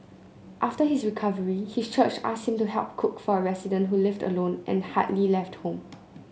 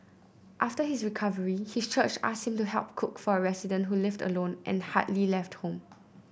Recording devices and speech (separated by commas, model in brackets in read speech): mobile phone (Samsung C9), boundary microphone (BM630), read sentence